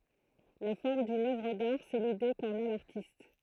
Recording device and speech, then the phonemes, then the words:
throat microphone, read sentence
la fɔʁm dyn œvʁ daʁ sɛ lide kɑ̃n a laʁtist
La forme d'une œuvre d'art, c'est l'idée qu'en a l'artiste.

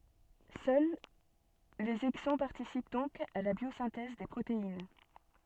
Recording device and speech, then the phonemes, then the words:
soft in-ear microphone, read sentence
sœl lez ɛɡzɔ̃ paʁtisip dɔ̃k a la bjozɛ̃tɛz de pʁotein
Seuls les exons participent donc à la biosynthèse des protéines.

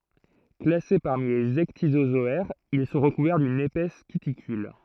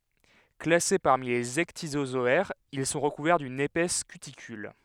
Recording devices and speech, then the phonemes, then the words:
throat microphone, headset microphone, read sentence
klase paʁmi lez ɛkdizozɔɛʁz il sɔ̃ ʁəkuvɛʁ dyn epɛs kytikyl
Classés parmi les ecdysozoaires, ils sont recouverts d'une épaisse cuticule.

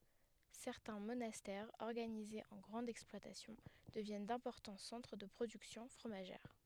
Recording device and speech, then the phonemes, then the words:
headset microphone, read sentence
sɛʁtɛ̃ monastɛʁz ɔʁɡanizez ɑ̃ ɡʁɑ̃dz ɛksplwatasjɔ̃ dəvjɛn dɛ̃pɔʁtɑ̃ sɑ̃tʁ də pʁodyksjɔ̃ fʁomaʒɛʁ
Certains monastères organisés en grandes exploitations deviennent d'importants centres de productions fromagères.

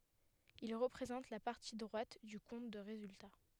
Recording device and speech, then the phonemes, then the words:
headset microphone, read sentence
il ʁəpʁezɑ̃t la paʁti dʁwat dy kɔ̃t də ʁezylta
Il représente la partie droite du compte de résultat.

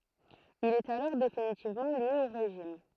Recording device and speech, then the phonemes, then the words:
throat microphone, read sentence
il ɛt alɔʁ definitivmɑ̃ lje o ʁeʒim
Il est alors définitivement lié au régime.

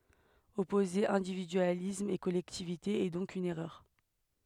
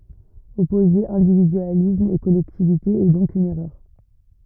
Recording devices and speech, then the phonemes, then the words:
headset microphone, rigid in-ear microphone, read sentence
ɔpoze ɛ̃dividyalism e kɔlɛktivite ɛ dɔ̃k yn ɛʁœʁ
Opposer individualisme et collectivité est donc une erreur.

